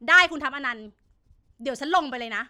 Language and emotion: Thai, angry